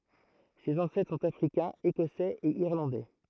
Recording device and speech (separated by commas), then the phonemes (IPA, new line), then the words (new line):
throat microphone, read sentence
sez ɑ̃sɛtʁ sɔ̃t afʁikɛ̃z ekɔsɛz e iʁlɑ̃dɛ
Ses ancêtres sont africains, écossais et irlandais.